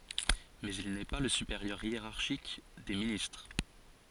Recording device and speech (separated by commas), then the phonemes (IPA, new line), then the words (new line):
forehead accelerometer, read sentence
mɛz il nɛ pa lə sypeʁjœʁ jeʁaʁʃik de ministʁ
Mais il n'est pas le supérieur hiérarchique des ministres.